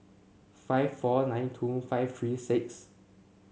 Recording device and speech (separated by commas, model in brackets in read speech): mobile phone (Samsung C7), read sentence